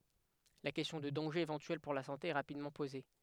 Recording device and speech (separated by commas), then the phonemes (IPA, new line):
headset microphone, read sentence
la kɛstjɔ̃ də dɑ̃ʒez evɑ̃tyɛl puʁ la sɑ̃te ɛ ʁapidmɑ̃ poze